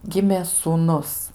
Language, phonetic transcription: Lithuanian, ˈgimė sūˈnus

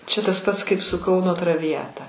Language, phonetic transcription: Lithuanian, ˈčia tas ˈpats kaip su ˈkauno traviˈjata

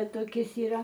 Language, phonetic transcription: Lithuanian, toˈkis yˈra

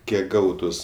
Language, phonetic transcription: Lithuanian, ˈkiek ˈgautus

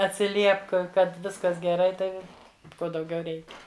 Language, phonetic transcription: Lithuanian, atsiˈliepk ˈkad ˈviskas geˈrai ˈtai v ˈko dauˈgiau ˈreikia

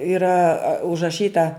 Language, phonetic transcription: Lithuanian, iˈra užraˈšyta

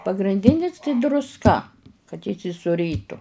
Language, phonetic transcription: Lithuanian, pagrinˈdinis tai drusˈka kad įsisuˈrytu

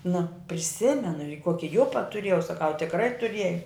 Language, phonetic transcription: Lithuanian, nu priˈsimenu i ˈkuoki ˈjupa tuˈriejau saˈkau tikˈrai tuˈriej

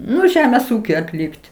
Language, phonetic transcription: Lithuanian, ˈnu ˈžemės ˈūkiui atˈlikt

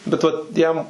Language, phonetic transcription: Lithuanian, bet ˈvat ˈjam

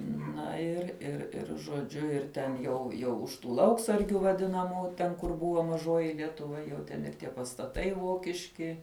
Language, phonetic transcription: Lithuanian, ˈna ir ir ˈir žoˈdžiu ir ten jau ˈjau už ˈtų ˈlauksargiu vaˈdinamų ˈten kur ˈbuvo maˈžoji lietuˈva jau ˈten ir ˈtie pastaˈtai ˈvokiški

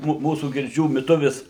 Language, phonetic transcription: Lithuanian, ˈmū ˈmūsų girˈdžių miˈtuvis

